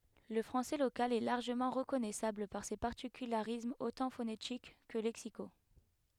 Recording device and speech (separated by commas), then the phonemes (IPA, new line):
headset microphone, read sentence
lə fʁɑ̃sɛ lokal ɛ laʁʒəmɑ̃ ʁəkɔnɛsabl paʁ se paʁtikylaʁismz otɑ̃ fonetik kə lɛksiko